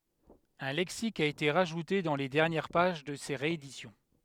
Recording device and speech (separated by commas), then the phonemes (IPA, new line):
headset microphone, read sentence
œ̃ lɛksik a ete ʁaʒute dɑ̃ le dɛʁnjɛʁ paʒ də se ʁeedisjɔ̃